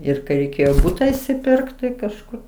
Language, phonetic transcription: Lithuanian, ir kai reiˈkėjo ˈbūta išsiˈpirkt tai kažˈkur

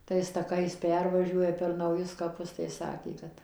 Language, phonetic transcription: Lithuanian, ˈtais taˈkais ˈpervažiuoja per nauˈjus kaˈpus tai ˈsakė ˈkad

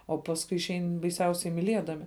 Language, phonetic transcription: Lithuanian, o ˈpasˌkui išˈein baiˈsiausiai miˈliedami

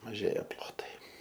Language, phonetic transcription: Lithuanian, maˈžėja ˈplotai

